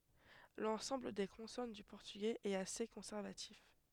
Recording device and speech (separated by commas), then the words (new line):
headset microphone, read sentence
L'ensemble des consonnes du portugais est assez conservatif.